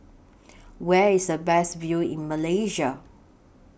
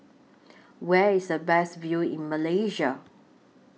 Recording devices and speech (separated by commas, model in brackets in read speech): boundary microphone (BM630), mobile phone (iPhone 6), read sentence